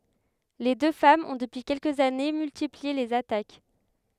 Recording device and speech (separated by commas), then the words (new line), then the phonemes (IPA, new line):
headset microphone, read sentence
Les deux femmes ont depuis quelques années, multiplié les attaques.
le dø famz ɔ̃ dəpyi kɛlkəz ane myltiplie lez atak